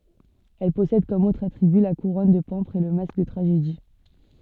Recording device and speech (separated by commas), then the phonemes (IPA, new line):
soft in-ear microphone, read sentence
ɛl pɔsɛd kɔm otʁz atʁiby la kuʁɔn də pɑ̃pʁz e lə mask də tʁaʒedi